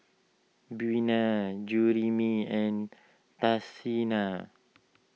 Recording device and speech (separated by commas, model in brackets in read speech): mobile phone (iPhone 6), read sentence